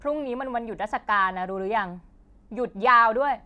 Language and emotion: Thai, angry